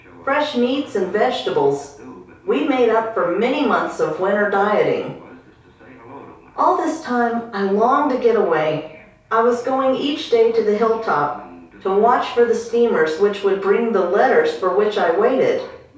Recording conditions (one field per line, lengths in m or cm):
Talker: one person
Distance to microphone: 3.0 m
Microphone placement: far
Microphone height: 1.8 m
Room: small (3.7 m by 2.7 m)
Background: television